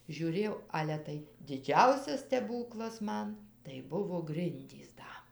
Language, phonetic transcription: Lithuanian, žiūˈrėjau ˈale tai diˈdžiausias steˈbūklas ˈman tai ˈbuvo ˈgrindys ˈda

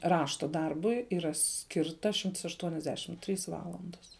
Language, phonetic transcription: Lithuanian, ˈrašta ˈdarbui yˈra ˈskirta šimts aštuoniasˈdešim ˈtrys ˈvalandas

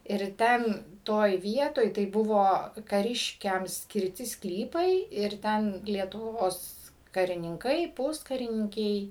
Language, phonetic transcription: Lithuanian, ir ˈten ˈtoj ˈvietoj tai ˈbuvo kaˈriškiam skirˈti ˈsklypai ir ˈten lietuˈvos karininˈkai ˈpuskarininkiai

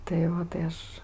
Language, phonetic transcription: Lithuanian, tai ˈo tai ˈaš

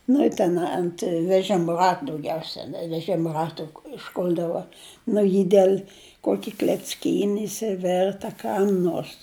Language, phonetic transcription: Lithuanian, nu i ˈten ant veˈžim ˈrat dauˈgiausia veˈžim ˈratu išˈkul'dava ˈnu ji ˈdel' ˈkuoki klecˈkyni išsiˈvert a ˈkam nors

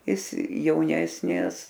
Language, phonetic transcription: Lithuanian, ˈjis jauˈnesnis

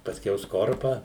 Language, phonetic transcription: Lithuanian, pasˈkiau ˈskorpą

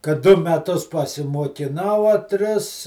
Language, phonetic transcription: Lithuanian, kad ˈdu meˈtus pasimuokiˈnau a ˈtris

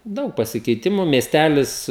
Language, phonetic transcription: Lithuanian, ˈdaug pasikeiˈtimu miesˈtælis

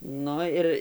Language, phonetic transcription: Lithuanian, ˈnu ir

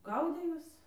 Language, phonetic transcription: Lithuanian, ˈgaudė ˈjuos

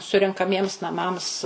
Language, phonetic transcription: Lithuanian, surenkaˈmiems naˈmams

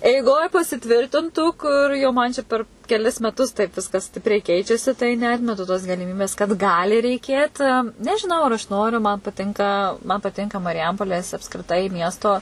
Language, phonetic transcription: Lithuanian, eiˈgoj pasiˈtvirtintų ˈkur jau ˈman čia ˈper keˈlis meˈtus taip ˈviskas ˈstipriai ˈkeičiasi tai neˈatmetu tos galiˈmybės kad ˈgali reiˈkėt nežiˈnau ar aš ˈnoriu man paˈtinka man paˈtinka mariˈjampolės apskriˈtai ˈmiesto

